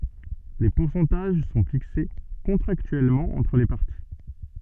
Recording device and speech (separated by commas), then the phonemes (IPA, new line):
soft in-ear microphone, read sentence
le puʁsɑ̃taʒ sɔ̃ fikse kɔ̃tʁaktyɛlmɑ̃ ɑ̃tʁ le paʁti